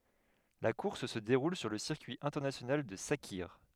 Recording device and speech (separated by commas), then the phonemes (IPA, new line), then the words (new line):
headset microphone, read sentence
la kuʁs sə deʁul syʁ lə siʁkyi ɛ̃tɛʁnasjonal də sakiʁ
La course se déroule sur le circuit international de Sakhir.